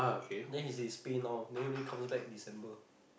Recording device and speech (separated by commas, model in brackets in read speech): boundary microphone, conversation in the same room